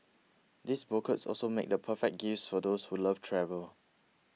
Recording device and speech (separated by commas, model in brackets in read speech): mobile phone (iPhone 6), read sentence